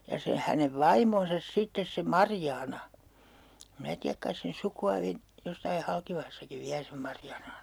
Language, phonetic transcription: Finnish, ja se hänev "vaimonsas 'sittes se "Marjaana , 'minä tiäk 'kais sen 'suku₍a (viä) , jossai 'Halkivahassakiv viä sem 'Marjaanan̬ ‿o ,.
- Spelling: ja se hänen vaimonsa sitten se Marjaana minä tiedä kai sen sukua vielä jossakin Halkivahassakin vielä sen Marjaanan on

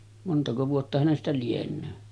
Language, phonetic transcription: Finnish, 'montako vuotta hänestä lien̆nöö .
- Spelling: montako vuotta hänestä lienee

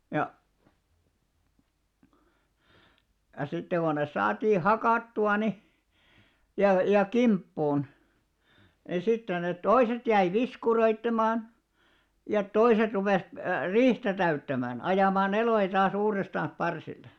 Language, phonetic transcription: Finnish, ja , ʲa sitte ɢo nes 'saatii "hakàttu₍a ni , ja , ja "kimppuun , ni sitten net "toiset 'jäi "viskuroittemaan , ja 'toiset rupès , "riihtä täyttämän , 'ajàmà'n ‿elòjᵃ taa's ‿uurestan̬s 'parsille .
- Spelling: ja ja sitten kun ne saatiin hakattua niin ja ja kimppuun niin sitten ne toiset jäi viskuroimaan ja toiset rupesi riihtä täyttämään ajamaan eloja taas uudestaan parsille

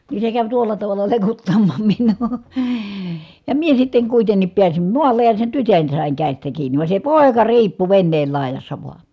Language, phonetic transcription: Finnish, nii se käv tuolla tavalla lekuttaMMAAM MINNUU , ja mie sitteŋ kuitennip piäsim muallej ja sen tytön sàiŋ kä̀istä kiiǹi , vàe se pòeka riippu venneel làejassa voa .
- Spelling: niin se kävi tuolla tavalla lekuttamaan minua ja minä sitten kuitenkin pääsin maalle ja sen tytön sain käsistä kiinni vaan se poika riippui veneen laidassa vaan

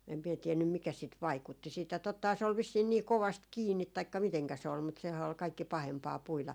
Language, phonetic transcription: Finnish, em mie 'tiennym 'mikä sit "vaikutti siitä tottahaa se ol 'vissiin nii 'kovast "kiinnit taikka miteŋkä se ol mutta sehää ol 'kaikki 'pahempaa 'puila .
- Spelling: en minä tiennyt mikä sitten vaikutti siitä tottahan se oli vissiin niin kovasti kiinni taikka miten se oli mutta sehän oli kaikkein pahempaa puida

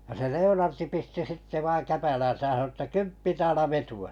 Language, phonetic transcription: Finnish, ja se 'Le₍onarti 'pisti 'sitte vaiŋ 'käpälän̬säj jä sano ᵊttä » kymppi täälä 'vetu₍a « .
- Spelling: ja se Leonard pisti sitten vain käpälänsä ja sanoi että kymppi taala vetoa

